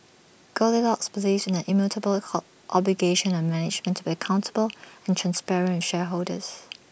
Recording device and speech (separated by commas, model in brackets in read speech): boundary microphone (BM630), read sentence